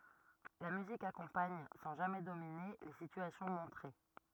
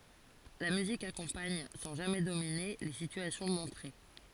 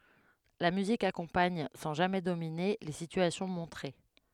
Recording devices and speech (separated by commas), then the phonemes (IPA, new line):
rigid in-ear microphone, forehead accelerometer, headset microphone, read sentence
la myzik akɔ̃paɲ sɑ̃ ʒamɛ domine le sityasjɔ̃ mɔ̃tʁe